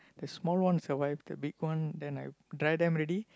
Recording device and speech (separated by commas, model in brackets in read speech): close-talking microphone, conversation in the same room